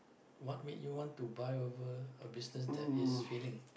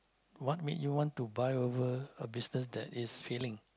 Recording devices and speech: boundary microphone, close-talking microphone, conversation in the same room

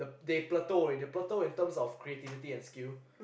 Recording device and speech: boundary microphone, conversation in the same room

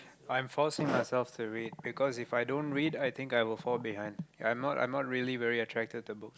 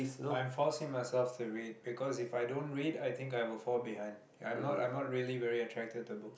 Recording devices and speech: close-talking microphone, boundary microphone, conversation in the same room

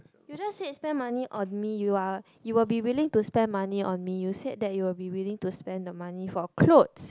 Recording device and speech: close-talking microphone, conversation in the same room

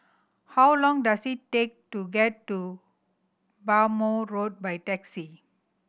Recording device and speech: boundary microphone (BM630), read sentence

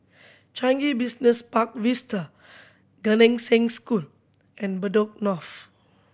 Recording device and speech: boundary microphone (BM630), read sentence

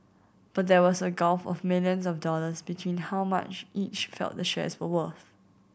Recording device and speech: boundary microphone (BM630), read sentence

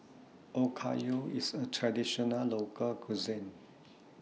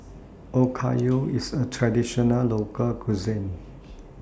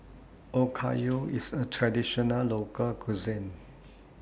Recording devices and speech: mobile phone (iPhone 6), standing microphone (AKG C214), boundary microphone (BM630), read sentence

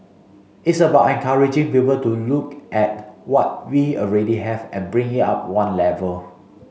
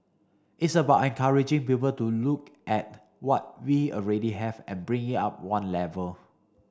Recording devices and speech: mobile phone (Samsung C5), standing microphone (AKG C214), read sentence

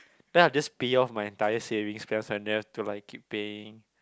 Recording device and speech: close-talking microphone, conversation in the same room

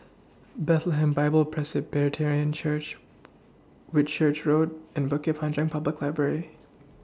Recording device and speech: standing microphone (AKG C214), read sentence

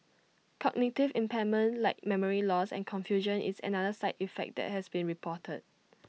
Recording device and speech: mobile phone (iPhone 6), read sentence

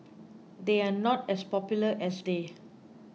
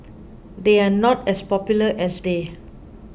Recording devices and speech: mobile phone (iPhone 6), boundary microphone (BM630), read sentence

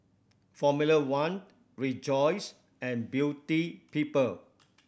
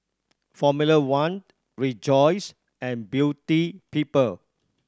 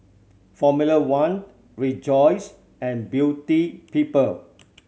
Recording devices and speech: boundary microphone (BM630), standing microphone (AKG C214), mobile phone (Samsung C7100), read sentence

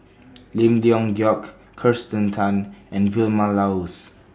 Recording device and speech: standing microphone (AKG C214), read sentence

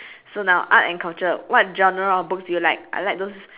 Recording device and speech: telephone, conversation in separate rooms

